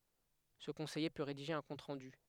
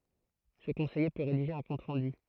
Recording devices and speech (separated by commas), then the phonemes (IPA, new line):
headset microphone, throat microphone, read sentence
sə kɔ̃sɛje pø ʁediʒe œ̃ kɔ̃t ʁɑ̃dy